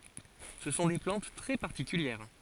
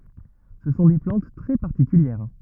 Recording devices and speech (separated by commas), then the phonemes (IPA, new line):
forehead accelerometer, rigid in-ear microphone, read sentence
sə sɔ̃ de plɑ̃t tʁɛ paʁtikyljɛʁ